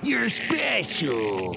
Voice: Creepy voice